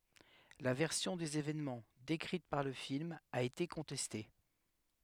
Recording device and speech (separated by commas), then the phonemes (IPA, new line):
headset microphone, read sentence
la vɛʁsjɔ̃ dez evɛnmɑ̃ dekʁit paʁ lə film a ete kɔ̃tɛste